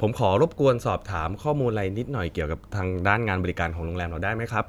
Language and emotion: Thai, neutral